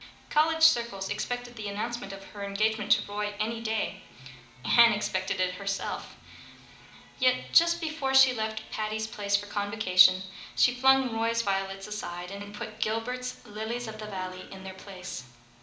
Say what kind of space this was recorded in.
A medium-sized room (about 5.7 m by 4.0 m).